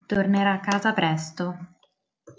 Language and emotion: Italian, neutral